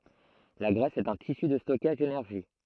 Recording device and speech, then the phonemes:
throat microphone, read sentence
la ɡʁɛs ɛt œ̃ tisy də stɔkaʒ denɛʁʒi

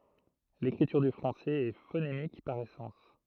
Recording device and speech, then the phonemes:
throat microphone, read sentence
lekʁityʁ dy fʁɑ̃sɛz ɛ fonemik paʁ esɑ̃s

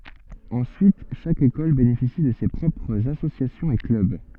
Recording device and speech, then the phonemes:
soft in-ear microphone, read sentence
ɑ̃syit ʃak ekɔl benefisi də se pʁɔpʁz asosjasjɔ̃z e klœb

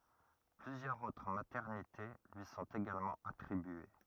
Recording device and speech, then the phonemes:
rigid in-ear microphone, read sentence
plyzjœʁz otʁ matɛʁnite lyi sɔ̃t eɡalmɑ̃ atʁibye

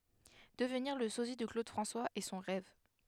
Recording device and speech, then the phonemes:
headset microphone, read sentence
dəvniʁ lə sozi də klod fʁɑ̃swaz ɛ sɔ̃ ʁɛv

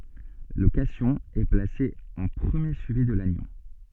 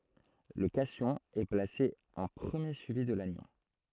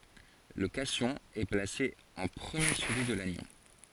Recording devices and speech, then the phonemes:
soft in-ear microphone, throat microphone, forehead accelerometer, read sentence
lə kasjɔ̃ ɛ plase ɑ̃ pʁəmje syivi də lanjɔ̃

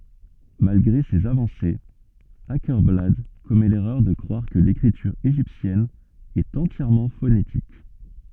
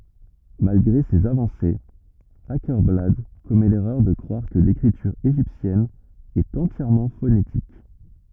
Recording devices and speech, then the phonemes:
soft in-ear microphone, rigid in-ear microphone, read sentence
malɡʁe sez avɑ̃sez akɛʁblad kɔmɛ lɛʁœʁ də kʁwaʁ kə lekʁityʁ eʒiptjɛn ɛt ɑ̃tjɛʁmɑ̃ fonetik

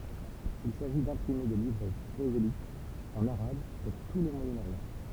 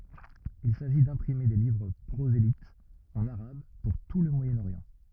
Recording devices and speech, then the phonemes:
temple vibration pickup, rigid in-ear microphone, read sentence
il saʒi dɛ̃pʁime de livʁ pʁozelitz ɑ̃n aʁab puʁ tu lə mwajənoʁjɑ̃

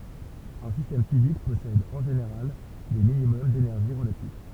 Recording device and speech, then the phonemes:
temple vibration pickup, read sentence
œ̃ sistɛm fizik pɔsɛd ɑ̃ ʒeneʁal de minimɔm denɛʁʒi ʁəlatif

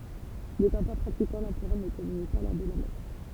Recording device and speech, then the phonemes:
temple vibration pickup, read sentence
netɑ̃ pa pʁatikɑ̃ lɑ̃pʁœʁ nə kɔmyni pa lɔʁ də la mɛs

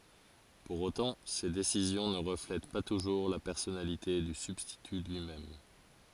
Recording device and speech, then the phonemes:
forehead accelerometer, read sentence
puʁ otɑ̃ se desizjɔ̃ nə ʁəflɛt pa tuʒuʁ la pɛʁsɔnalite dy sybstity lyi mɛm

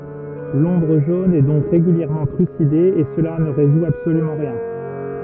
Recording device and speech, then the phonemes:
rigid in-ear microphone, read sentence
lɔ̃bʁ ʒon ɛ dɔ̃k ʁeɡyljɛʁmɑ̃ tʁyside e səla nə ʁezu absolymɑ̃ ʁjɛ̃

